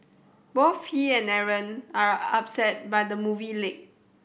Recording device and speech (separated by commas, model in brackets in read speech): boundary microphone (BM630), read sentence